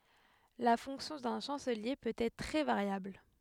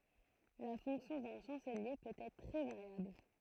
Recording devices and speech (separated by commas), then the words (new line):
headset microphone, throat microphone, read sentence
La fonction d'un chancelier peut être très variable.